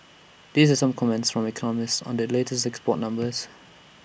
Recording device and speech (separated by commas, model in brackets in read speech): boundary microphone (BM630), read sentence